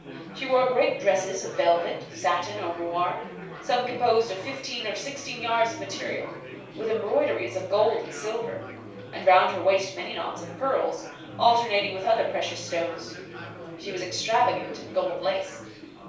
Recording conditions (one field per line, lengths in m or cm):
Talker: one person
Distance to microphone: 3.0 m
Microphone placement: far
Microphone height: 1.8 m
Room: small (3.7 m by 2.7 m)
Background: babble